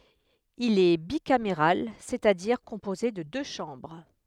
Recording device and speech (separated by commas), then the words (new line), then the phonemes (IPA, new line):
headset microphone, read sentence
Il est bicaméral, c'est-à-dire composé de deux chambres.
il ɛ bikameʁal sɛt a diʁ kɔ̃poze də dø ʃɑ̃bʁ